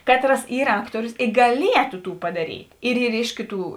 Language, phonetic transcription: Lithuanian, ˈkatˌras ˈyr ˈaktorius gaˈlietu ˈtų padaˈryt' ir ˈyr ˈiš kiˌtų

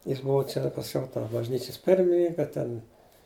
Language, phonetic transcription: Lithuanian, jis ˈbuva ˈčia pasˈkiau to bažˈnyčias ˈpirmininka ten

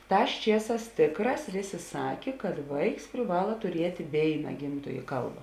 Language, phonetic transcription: Lithuanian, ˈtās ˈčieˌsās ˈtėkˌrās ˈvėˌsė ˈsakė kad ˈvaiks priˈvala tuˈriet' ˈvėina ˈgimtojė ˈkalba

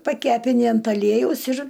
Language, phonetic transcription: Lithuanian, paˈkepini ant aˈliejaus ir

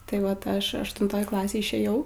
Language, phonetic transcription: Lithuanian, tai ˈvat ˈaš aštunˈtoj ˈklasėj išėˈjau

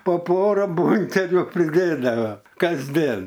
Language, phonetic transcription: Lithuanian, po ˈpora ˈbonkeliu priˈdėdava kasˈdien

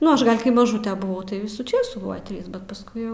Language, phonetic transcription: Lithuanian, ˈnu ˈaš gal kai maˈžūtr buˈvau tai ˈvisų ˈčėsų ˈbuvs ˈtrys bet pasˈkui jau

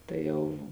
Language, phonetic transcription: Lithuanian, tai ˈjau

